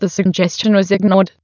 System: TTS, waveform concatenation